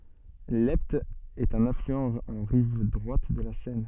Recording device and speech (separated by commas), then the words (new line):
soft in-ear microphone, read sentence
L’Epte est un affluent en rive droite de la Seine.